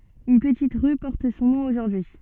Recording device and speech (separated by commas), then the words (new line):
soft in-ear microphone, read sentence
Une petite rue porte son nom aujourd'hui.